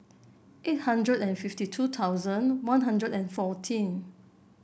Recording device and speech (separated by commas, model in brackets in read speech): boundary microphone (BM630), read sentence